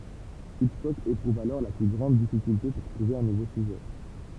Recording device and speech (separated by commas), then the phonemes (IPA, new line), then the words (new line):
temple vibration pickup, read sentence
itʃkɔk epʁuv alɔʁ le ply ɡʁɑ̃d difikylte puʁ tʁuve œ̃ nuvo syʒɛ
Hitchcock éprouve alors les plus grandes difficultés pour trouver un nouveau sujet.